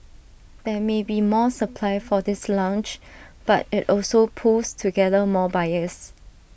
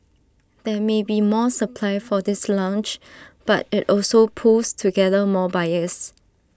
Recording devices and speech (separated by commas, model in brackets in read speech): boundary microphone (BM630), standing microphone (AKG C214), read sentence